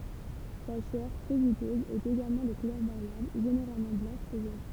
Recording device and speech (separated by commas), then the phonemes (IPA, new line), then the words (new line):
temple vibration pickup, read sentence
sa ʃɛʁ tʁɛ ʒytøz ɛt eɡalmɑ̃ də kulœʁ vaʁjabl ʒeneʁalmɑ̃ blɑ̃ʃ u ʒon
Sa chair, très juteuse, est également de couleur variable, généralement blanche ou jaune.